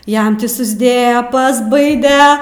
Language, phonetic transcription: Lithuanian, ˈjam ˈtį susˈdėja pasˈbaide

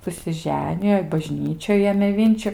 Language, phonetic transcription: Lithuanian, susiˈženijo i baˈžnyčioj ˈėmė ˈvinčiu

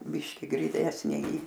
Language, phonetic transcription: Lithuanian, ˈbiški griˈnesnė į

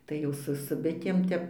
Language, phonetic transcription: Lithuanian, tai ˈjau su su ˈbitėm ˈtep

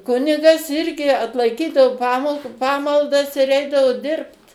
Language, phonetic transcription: Lithuanian, ˈkunigas ˈirgi atlaiˈkydavo ˈpamal ˈpamaldas ir ˈeidavo ˈdirbt

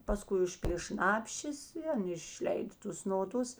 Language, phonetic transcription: Lithuanian, paˈskui ˈužpylė ˈšnapšės i ˈan išˈleida ˈtus noˈdus

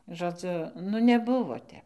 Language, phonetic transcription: Lithuanian, žoˈdziu nu neˈbuvo ˈtep

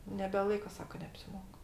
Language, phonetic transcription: Lithuanian, nebeˈlaika ˈsaka neapsiˈmok

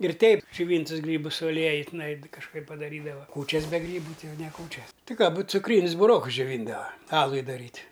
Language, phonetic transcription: Lithuanian, ir ˈteip džiuˈvyntus ˈgrybus su aˈlieju tiˈnai kažˈkaip padaˈrydava ˈkūčias be ˈgrybu ˈtai ˈjau ne ˈkūčias ti ką būt cuˈkrynius buˈrokus džioˈvyndava ˈalui daˈryt'

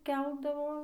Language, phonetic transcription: Lithuanian, ˈkeldavo

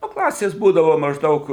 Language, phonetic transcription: Lithuanian, ˈnu ˈklasės ˈbūdavo mažˈdaug

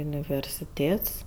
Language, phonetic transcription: Lithuanian, universiˈtėts

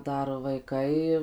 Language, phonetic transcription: Lithuanian, ˈdar vaiˈkai

